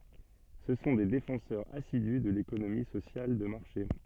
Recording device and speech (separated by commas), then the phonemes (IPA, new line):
soft in-ear microphone, read sentence
sə sɔ̃ de defɑ̃sœʁz asidy də lekonomi sosjal də maʁʃe